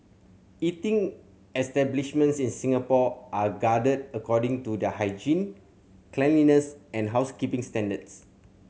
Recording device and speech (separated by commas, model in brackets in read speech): mobile phone (Samsung C7100), read sentence